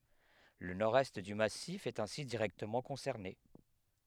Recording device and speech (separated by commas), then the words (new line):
headset microphone, read sentence
Le nord-est du massif est ainsi directement concerné.